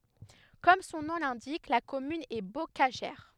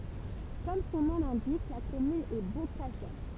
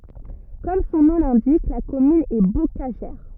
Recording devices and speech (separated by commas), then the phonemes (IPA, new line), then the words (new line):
headset microphone, temple vibration pickup, rigid in-ear microphone, read sentence
kɔm sɔ̃ nɔ̃ lɛ̃dik la kɔmyn ɛ bokaʒɛʁ
Comme son nom l'indique, la commune est bocagère.